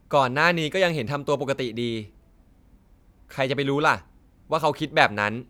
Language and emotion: Thai, frustrated